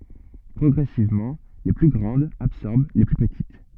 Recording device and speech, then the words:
soft in-ear microphone, read sentence
Progressivement, les plus grandes absorbèrent les plus petites.

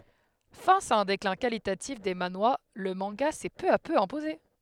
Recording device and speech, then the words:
headset microphone, read sentence
Face à un déclin qualitatif des manhwas, le manga s'est peu à peu imposé.

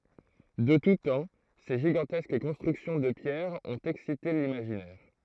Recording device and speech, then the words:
throat microphone, read sentence
De tout temps, ces gigantesques constructions de pierre ont excité l'imaginaire.

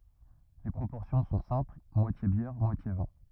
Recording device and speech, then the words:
rigid in-ear microphone, read sentence
Les proportions sont simple moitié bière, moitié vin.

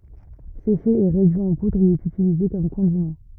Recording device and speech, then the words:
rigid in-ear microphone, read sentence
Séché et réduit en poudre, il est utilisé comme condiment.

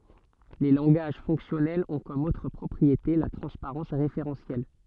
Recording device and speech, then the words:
soft in-ear microphone, read sentence
Les langages fonctionnels ont comme autre propriété la transparence référentielle.

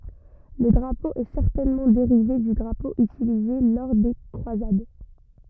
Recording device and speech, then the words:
rigid in-ear microphone, read sentence
Le drapeau est certainement dérivé du drapeau utilisé lors des croisades.

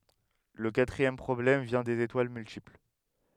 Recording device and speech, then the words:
headset microphone, read sentence
Le quatrième problème vient des étoiles multiples.

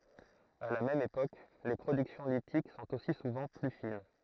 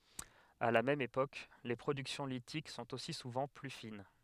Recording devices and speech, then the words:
throat microphone, headset microphone, read sentence
À la même époque, les productions lithiques sont aussi souvent plus fines.

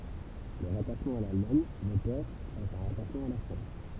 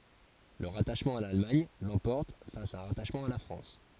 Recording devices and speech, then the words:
temple vibration pickup, forehead accelerometer, read sentence
Le rattachement à l'Allemagne l'emporte face à un rattachement à la France.

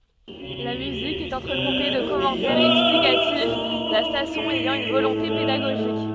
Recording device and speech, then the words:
soft in-ear microphone, read sentence
La musique est entrecoupée de commentaires explicatifs, la station ayant une volonté pédagogique.

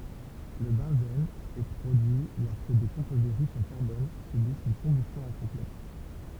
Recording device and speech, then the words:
temple vibration pickup, read sentence
Le benzène est produit lorsque des composés riches en carbone subissent une combustion incomplète.

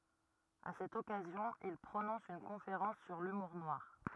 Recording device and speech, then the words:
rigid in-ear microphone, read sentence
À cette occasion, il prononce une conférence sur l’humour noir.

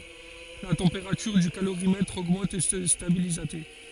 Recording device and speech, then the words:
forehead accelerometer, read sentence
La température du calorimètre augmente et se stabilise à t.

